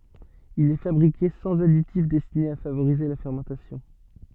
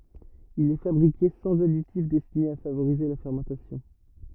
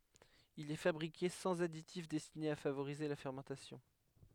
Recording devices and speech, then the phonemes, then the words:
soft in-ear microphone, rigid in-ear microphone, headset microphone, read sentence
il ɛ fabʁike sɑ̃z aditif dɛstine a favoʁize la fɛʁmɑ̃tasjɔ̃
Il est fabriqué sans additif destiné à favoriser la fermentation.

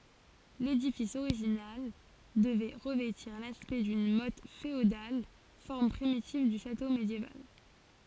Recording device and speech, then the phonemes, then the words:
forehead accelerometer, read sentence
ledifis oʁiʒinal dəvɛ ʁəvɛtiʁ laspɛkt dyn mɔt feodal fɔʁm pʁimitiv dy ʃato medjeval
L'édifice original devait revêtir l'aspect d'une motte féodale, forme primitive du château médiéval.

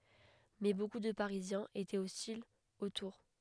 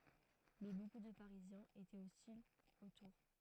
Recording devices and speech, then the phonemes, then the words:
headset microphone, throat microphone, read sentence
mɛ boku də paʁizjɛ̃z etɛt ɔstilz o tuʁ
Mais beaucoup de Parisiens étaient hostiles aux tours.

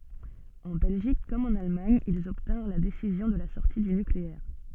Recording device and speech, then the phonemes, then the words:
soft in-ear microphone, read sentence
ɑ̃ bɛlʒik kɔm ɑ̃n almaɲ ilz ɔbtɛ̃ʁ la desizjɔ̃ də la sɔʁti dy nykleɛʁ
En Belgique comme en Allemagne, ils obtinrent la décision de la sortie du nucléaire.

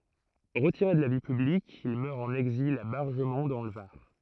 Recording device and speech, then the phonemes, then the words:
throat microphone, read sentence
ʁətiʁe də la vi pyblik il mœʁ ɑ̃n ɛɡzil a baʁʒəmɔ̃ dɑ̃ lə vaʁ
Retiré de la vie publique, il meurt en exil à Bargemon dans le Var.

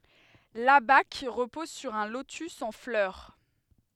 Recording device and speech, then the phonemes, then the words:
headset microphone, read sentence
labak ʁəpɔz syʁ œ̃ lotys ɑ̃ flœʁ
L'abaque repose sur un lotus en fleur.

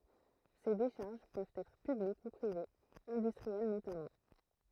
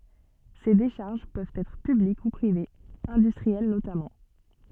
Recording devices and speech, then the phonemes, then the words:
throat microphone, soft in-ear microphone, read sentence
se deʃaʁʒ pøvt ɛtʁ pyblik u pʁivez ɛ̃dystʁiɛl notamɑ̃
Ces décharges peuvent être publiques ou privées, industrielles notamment.

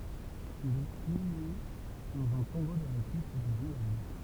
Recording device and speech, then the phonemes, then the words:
temple vibration pickup, read sentence
il ɛt inyme dɑ̃z œ̃ tɔ̃bo də la kʁipt dez ɛ̃valid
Il est inhumé dans un tombeau de la Crypte des Invalides.

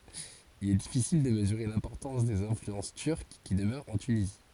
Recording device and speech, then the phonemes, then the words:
forehead accelerometer, read sentence
il ɛ difisil də məzyʁe lɛ̃pɔʁtɑ̃s dez ɛ̃flyɑ̃s tyʁk ki dəmœʁt ɑ̃ tynizi
Il est difficile de mesurer l’importance des influences turques qui demeurent en Tunisie.

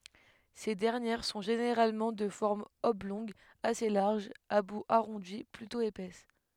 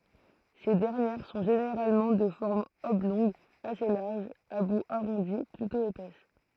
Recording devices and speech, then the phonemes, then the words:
headset microphone, throat microphone, read sentence
se dɛʁnjɛʁ sɔ̃ ʒeneʁalmɑ̃ də fɔʁm ɔblɔ̃ɡ ase laʁʒ a bu aʁɔ̃di plytɔ̃ epɛs
Ces dernières sont généralement de forme oblongue assez large, à bout arrondi, plutôt épaisses.

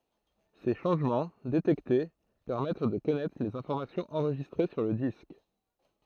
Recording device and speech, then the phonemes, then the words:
throat microphone, read sentence
se ʃɑ̃ʒmɑ̃ detɛkte pɛʁmɛt də kɔnɛtʁ lez ɛ̃fɔʁmasjɔ̃z ɑ̃ʁʒistʁe syʁ lə disk
Ces changements, détectés, permettent de connaître les informations enregistrées sur le disque.

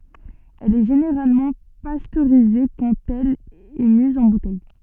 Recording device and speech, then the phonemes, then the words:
soft in-ear microphone, read sentence
ɛl ɛ ʒeneʁalmɑ̃ pastøʁize kɑ̃t ɛl ɛ miz ɑ̃ butɛj
Elle est généralement pasteurisée quand elle est mise en bouteille.

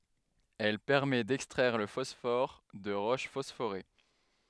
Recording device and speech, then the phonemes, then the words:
headset microphone, read sentence
ɛl pɛʁmɛ dɛkstʁɛʁ lə fɔsfɔʁ də ʁoʃ fɔsfoʁe
Elle permet d’extraire le phosphore de roches phosphorées.

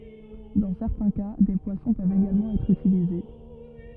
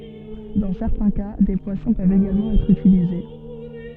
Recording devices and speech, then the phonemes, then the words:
rigid in-ear microphone, soft in-ear microphone, read sentence
dɑ̃ sɛʁtɛ̃ ka de pwasɔ̃ pøvt eɡalmɑ̃ ɛtʁ ytilize
Dans certains cas, des poissons peuvent également être utilisés.

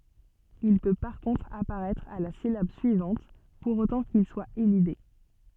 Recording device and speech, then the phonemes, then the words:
soft in-ear microphone, read sentence
il pø paʁ kɔ̃tʁ apaʁɛtʁ a la silab syivɑ̃t puʁ otɑ̃ kil swa elide
Il peut par contre apparaître à la syllabe suivante, pour autant qu'il soit élidé.

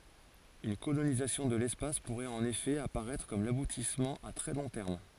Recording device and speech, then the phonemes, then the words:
forehead accelerometer, read sentence
yn kolonizasjɔ̃ də lɛspas puʁɛt ɑ̃n efɛ apaʁɛtʁ kɔm labutismɑ̃ a tʁɛ lɔ̃ tɛʁm
Une colonisation de l'espace pourrait en effet apparaître comme l'aboutissement à très long terme.

